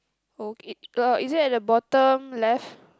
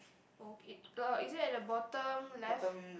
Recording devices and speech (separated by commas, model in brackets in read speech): close-talking microphone, boundary microphone, conversation in the same room